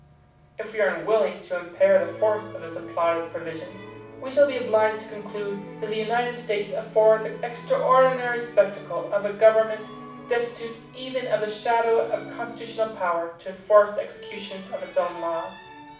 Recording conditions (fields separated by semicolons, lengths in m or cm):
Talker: one person; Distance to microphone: 5.8 m; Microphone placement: far; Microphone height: 1.8 m; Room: medium-sized (5.7 m by 4.0 m); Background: music